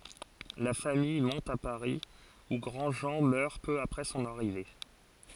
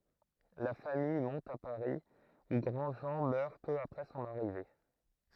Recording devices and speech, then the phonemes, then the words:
forehead accelerometer, throat microphone, read sentence
la famij mɔ̃t a paʁi u ɡʁɑ̃dʒɑ̃ mœʁ pø apʁɛ sɔ̃n aʁive
La famille monte à Paris, où Grandjean meurt peu après son arrivée.

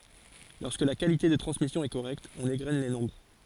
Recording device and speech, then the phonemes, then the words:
forehead accelerometer, read sentence
lɔʁskə la kalite də tʁɑ̃smisjɔ̃ ɛ koʁɛkt ɔ̃n eɡʁɛn le nɔ̃bʁ
Lorsque la qualité de transmission est correcte, on égrène les nombres.

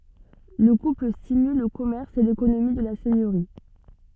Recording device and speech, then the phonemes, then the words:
soft in-ear microphone, read sentence
lə kupl stimyl lə kɔmɛʁs e lekonomi də la sɛɲøʁi
Le couple stimule le commerce et l’économie de la seigneurie.

